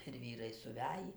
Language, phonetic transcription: Lithuanian, ir ˈvyrai suˈvæjį

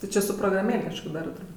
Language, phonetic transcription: Lithuanian, ti ˈči su prograˈmėl' kažˈko ˈdarɜ turˈbūt'

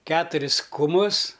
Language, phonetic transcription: Lithuanian, ˈketuris kuˈmus

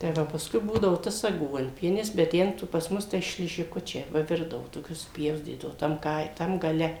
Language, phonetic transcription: Lithuanian, tai ˈva pasˈkui ˈbūdavo ˈtas aˈguonpienis bet ˈten tu pas ˈmus tai šližiˈkučiai ˈva ˈvirdavu toˈkius supˈjaustydavu tam ˈkai tam gaˈle

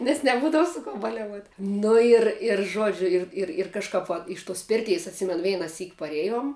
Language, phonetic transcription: Lithuanian, nes neˈbūdavu su ko baliaˈvuot' ˈnu ir ir ˈžuodžiu ˈir ir ir kažˈkap va ˈiš ˌtos ˈpirteis atˈsimenu veinaˈsyk paˈrėjom

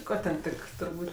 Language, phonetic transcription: Lithuanian, ˈko ten ˈtik turˈbūt'

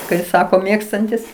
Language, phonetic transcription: Lithuanian, kai ˈsako ˈmėgstantis

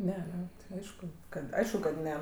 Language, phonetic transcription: Lithuanian, ˈne aˈne ˈaišku ˈkad ˈaišku kad ˈne

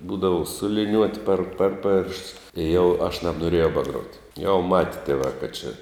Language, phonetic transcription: Lithuanian, ˈbūdavu su liˈniuot' per ˈper ˌpėršts i jau aš nabnoˈrėjau baˈgruot' jau mat' tieˈvā kad či

